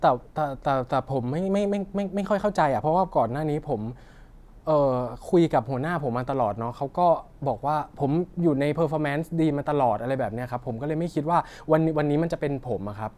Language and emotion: Thai, frustrated